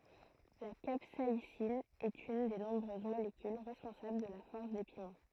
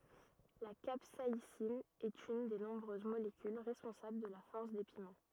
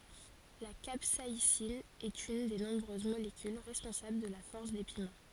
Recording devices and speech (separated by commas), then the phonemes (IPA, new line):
throat microphone, rigid in-ear microphone, forehead accelerometer, read sentence
la kapsaisin ɛt yn de nɔ̃bʁøz molekyl ʁɛspɔ̃sabl də la fɔʁs de pimɑ̃